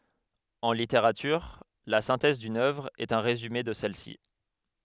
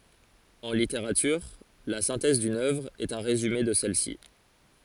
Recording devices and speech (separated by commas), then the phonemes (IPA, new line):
headset microphone, forehead accelerometer, read sentence
ɑ̃ liteʁatyʁ la sɛ̃tɛz dyn œvʁ ɛt œ̃ ʁezyme də sɛl si